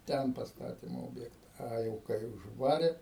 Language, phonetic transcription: Lithuanian, ˈten pasˈtatim ˈobjekta ˈa jau kai užˈvarė

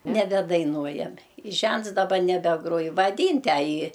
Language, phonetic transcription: Lithuanian, nebedaiˈnuojame i ˈžents daˈba nebeˈgruoj vaˈdyn tę ˈjį

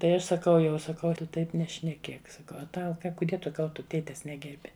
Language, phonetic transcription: Lithuanian, tai ˈaš saˈkau jau saˈkau ˈtu ˈtaip nešneˈkėk saˈkau a ˈtau ˈka kuˈdie ˈkal ˈtu ˈtėtes ˈnegerbi

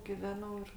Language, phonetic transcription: Lithuanian, giˈvenau ir

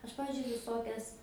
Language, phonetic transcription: Lithuanian, ˈaš ˈpavizdžiui viˈsokias

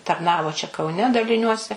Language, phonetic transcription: Lithuanian, tarˈnavo čia kauˈne daliˈniuose

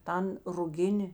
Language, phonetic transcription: Lithuanian, ˈtan ruˈgini

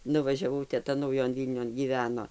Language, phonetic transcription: Lithuanian, nuvažiaˈvau teˈta nauˈjon ˈvylnion gyˈveno

